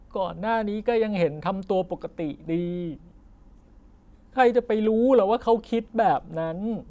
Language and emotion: Thai, sad